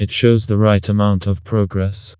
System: TTS, vocoder